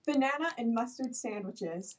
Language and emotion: English, happy